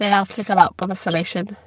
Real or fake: fake